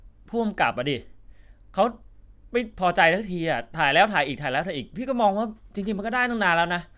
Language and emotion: Thai, frustrated